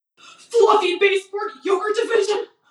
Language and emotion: English, fearful